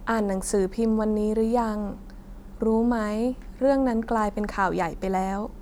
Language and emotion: Thai, sad